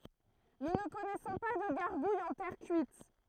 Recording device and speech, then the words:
throat microphone, read sentence
Nous ne connaissons pas de gargouilles en terre cuite.

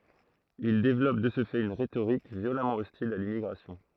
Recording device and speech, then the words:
throat microphone, read sentence
Ils développent de ce fait une rhétorique violemment hostile à l'immigration.

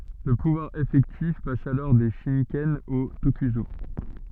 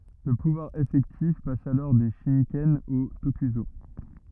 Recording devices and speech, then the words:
soft in-ear microphone, rigid in-ear microphone, read sentence
Le pouvoir effectif passe alors des shikken aux tokuso.

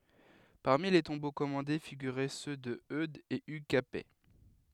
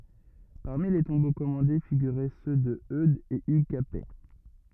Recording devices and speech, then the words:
headset microphone, rigid in-ear microphone, read sentence
Parmi les tombeaux commandés figuraient ceux de Eudes et Hugues Capet.

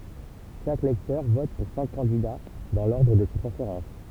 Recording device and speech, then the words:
temple vibration pickup, read sentence
Chaque lecteur vote pour cinq candidats dans l'ordre de ses préférences.

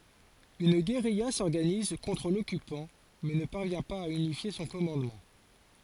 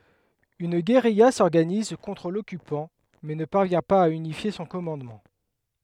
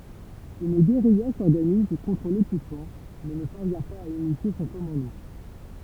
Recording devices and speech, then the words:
forehead accelerometer, headset microphone, temple vibration pickup, read sentence
Une guérilla s'organise contre l'occupant mais ne parvient pas à unifier son commandement.

